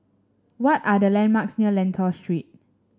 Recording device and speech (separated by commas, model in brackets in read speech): standing microphone (AKG C214), read sentence